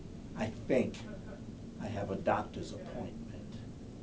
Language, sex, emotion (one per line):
English
male
neutral